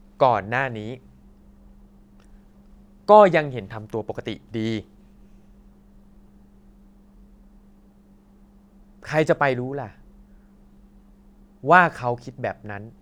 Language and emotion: Thai, frustrated